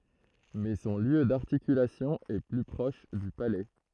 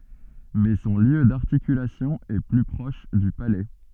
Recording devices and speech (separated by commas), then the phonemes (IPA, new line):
throat microphone, soft in-ear microphone, read sentence
mɛ sɔ̃ ljø daʁtikylasjɔ̃ ɛ ply pʁɔʃ dy palɛ